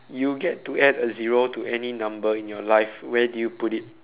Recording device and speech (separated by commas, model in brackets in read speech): telephone, conversation in separate rooms